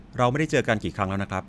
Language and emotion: Thai, neutral